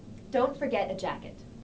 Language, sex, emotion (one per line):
English
female
neutral